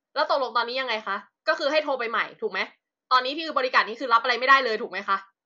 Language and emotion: Thai, angry